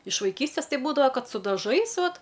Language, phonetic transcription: Lithuanian, iš vaiˈkystės ˈtai ˈbūdava ˈkad su daˈžais ˈvat

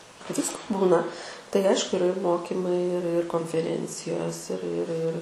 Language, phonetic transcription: Lithuanian, ˈvisko ˈbūna tai ˈaišku iˈra ir ˈmokymai ir ir konfeˈrencijos ir ir ir

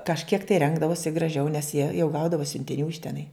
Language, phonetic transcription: Lithuanian, kažˈkiek tai ˈrengdavosi graˈžiau nes jie jau ˈgaudavo siuntiˈnių iš teˈnai

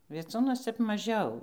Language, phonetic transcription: Lithuanian, vieˈcūnuos ˈtep maˈžiau

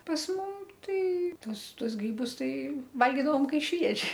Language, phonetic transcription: Lithuanian, pas ˈmum ˈtai ˈtuos ˈtuos ˈgrybus ˈtai ˈvalgydavom ˈkai švieži

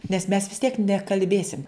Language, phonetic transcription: Lithuanian, nes ˈmes vis ˈtiek nekalˈbėsim

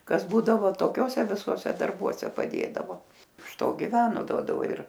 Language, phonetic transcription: Lithuanian, ˈkas ˈbūdavo toˈkiose viˈsuose darˈbuose paˈdėdavo iš ˈto giˈveno ˈduodavo ir

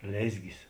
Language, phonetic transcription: Lithuanian, ˈlėzgis

